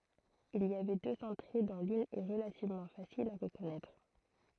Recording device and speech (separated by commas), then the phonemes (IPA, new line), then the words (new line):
throat microphone, read sentence
il i avɛ døz ɑ̃tʁe dɔ̃ lyn ɛ ʁəlativmɑ̃ fasil a ʁəkɔnɛtʁ
Il y avait deux entrées dont l'une est relativement facile à reconnaître.